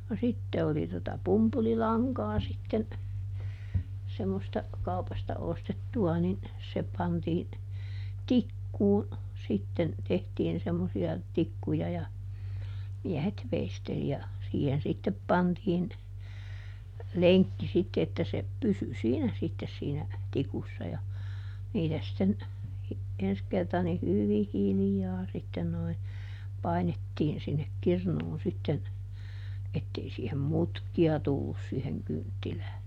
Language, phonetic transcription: Finnish, no ˈsitte oli tota ˈpumpuli"laŋkaa sitten , semmosta , ˈkaupasta ˈostettu₍a nin , se ˈpantii , "tikkuu , sitten , ˈtehtiin semmosi₍a , ˈtikkuja ja , ˈmiɛhet ˈveisteli ja , ˈsiihen sittep ˈpantiin , "leŋkki sitte että se , "pysy ˈsiinä sittes siinä , ˈtikussa ja , ˈniitä sitten , ˈens kerta ni "hyvih̆ ˈhilⁱjaa ˈsitten noi , ˈpainettiin sinnek ˈkirnuun sitten , ˈettei siihem "mutki₍a ˈtullus siiheŋ ˈkynttilää .
- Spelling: no sitten oli tuota pumpulilankaa sitten semmoista kaupasta ostettua niin se pantiin tikkuun sitten tehtiin semmoisia tikkuja ja miehet veisteli ja siihen sitten pantiin lenkki sitten että se pysyi siinä sitten siinä tikussa ja niitä sitten ensi kerta niin hyvin hiljaa sitten nuo painettiin sinne kirnuun sitten että ei siihen mutkia tullut siihen kynttilään

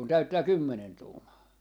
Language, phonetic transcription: Finnish, kun 'täyttää "kymmenen 'tuumaa .
- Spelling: kun täyttää kymmenen tuumaa

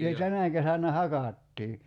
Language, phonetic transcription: Finnish, (ni) 'tänä kesännä "hakàttii .
- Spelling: niin tänä kesänä hakattiin

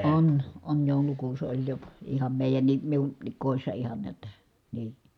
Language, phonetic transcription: Finnish, on , on jòulukuus oĺ jo , iham mèi̮jänni , miunnik kòissa ihan niät [et]tä , nii .
- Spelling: on on joulukuusi oli jo ihan meidänkin minunkin kodissa ihan näet että niin

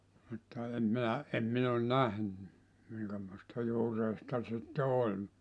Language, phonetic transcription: Finnish, mutta 'em 'minä , em 'min ‿on "nähny , 'miŋkämoista 'juureista sitte 'oĺ .
- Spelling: mutta en minä en minä ole nähnyt minkämoista juureista sitten oli

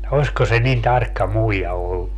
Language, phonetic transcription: Finnish, 'osko se nin 'tarkka 'muija 'ollu .
- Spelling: olisiko se niin tarkka muija ollut

